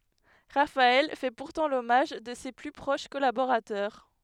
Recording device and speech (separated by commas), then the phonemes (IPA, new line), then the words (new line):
headset microphone, read sentence
ʁafaɛl fɛ puʁtɑ̃ lɔmaʒ də se ply pʁoʃ kɔlaboʁatœʁ
Raphaël fait pourtant l'hommage de ses plus proches collaborateurs.